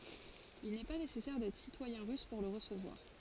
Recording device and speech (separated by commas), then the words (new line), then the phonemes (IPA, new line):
forehead accelerometer, read sentence
Il n'est pas nécessaire d'être citoyen russe pour le recevoir.
il nɛ pa nesɛsɛʁ dɛtʁ sitwajɛ̃ ʁys puʁ lə ʁəsəvwaʁ